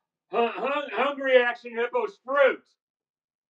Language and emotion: English, fearful